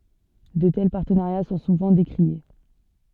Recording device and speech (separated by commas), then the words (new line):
soft in-ear microphone, read sentence
De tels partenariats sont souvent décriés.